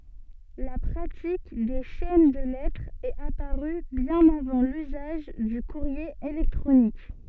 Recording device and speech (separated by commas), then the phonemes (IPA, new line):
soft in-ear microphone, read sentence
la pʁatik de ʃɛn də lɛtʁz ɛt apaʁy bjɛ̃n avɑ̃ lyzaʒ dy kuʁje elɛktʁonik